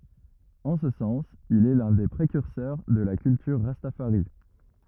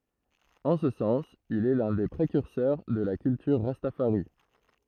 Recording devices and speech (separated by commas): rigid in-ear microphone, throat microphone, read sentence